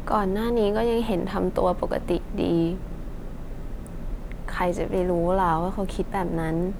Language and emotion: Thai, sad